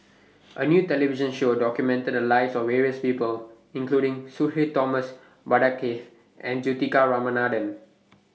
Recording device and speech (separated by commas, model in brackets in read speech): mobile phone (iPhone 6), read sentence